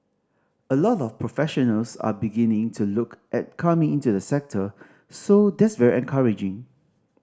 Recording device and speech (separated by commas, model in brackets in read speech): standing microphone (AKG C214), read sentence